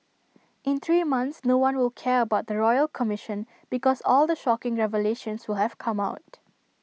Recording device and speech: mobile phone (iPhone 6), read sentence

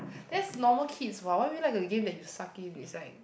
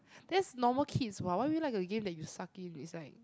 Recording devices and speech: boundary microphone, close-talking microphone, conversation in the same room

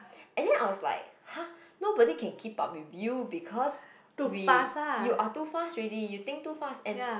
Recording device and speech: boundary microphone, conversation in the same room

